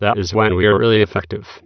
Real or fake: fake